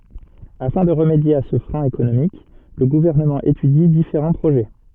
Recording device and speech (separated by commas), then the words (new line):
soft in-ear microphone, read sentence
Afin de remédier à ce frein économique, le gouvernement étudie différents projets.